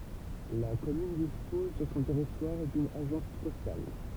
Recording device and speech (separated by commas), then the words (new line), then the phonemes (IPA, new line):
temple vibration pickup, read sentence
La commune dispose sur son territoire d'une agence postale.
la kɔmyn dispɔz syʁ sɔ̃ tɛʁitwaʁ dyn aʒɑ̃s pɔstal